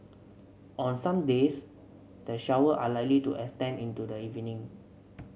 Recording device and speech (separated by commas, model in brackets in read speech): mobile phone (Samsung C7), read sentence